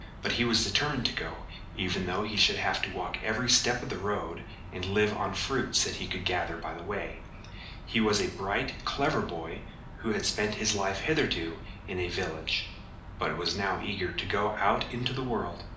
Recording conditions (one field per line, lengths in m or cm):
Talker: one person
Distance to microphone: 2.0 m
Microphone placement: close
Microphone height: 99 cm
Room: medium-sized (5.7 m by 4.0 m)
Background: none